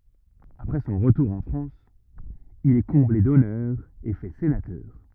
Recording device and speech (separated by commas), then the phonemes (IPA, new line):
rigid in-ear microphone, read sentence
apʁɛ sɔ̃ ʁətuʁ ɑ̃ fʁɑ̃s il ɛ kɔ̃ble dɔnœʁz e fɛ senatœʁ